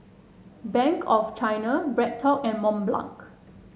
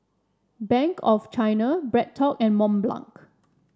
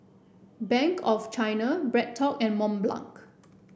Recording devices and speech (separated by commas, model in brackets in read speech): mobile phone (Samsung S8), standing microphone (AKG C214), boundary microphone (BM630), read sentence